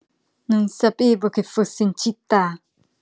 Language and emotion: Italian, disgusted